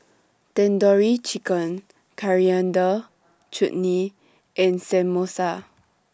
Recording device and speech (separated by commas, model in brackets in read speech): standing microphone (AKG C214), read sentence